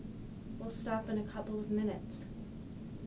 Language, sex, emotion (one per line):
English
female
sad